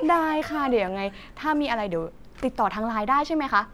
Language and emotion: Thai, happy